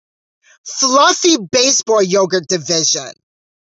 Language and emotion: English, disgusted